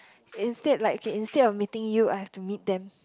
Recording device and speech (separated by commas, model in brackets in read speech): close-talking microphone, conversation in the same room